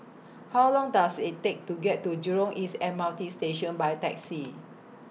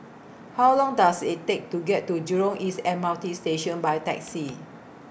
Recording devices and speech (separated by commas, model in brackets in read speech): mobile phone (iPhone 6), boundary microphone (BM630), read sentence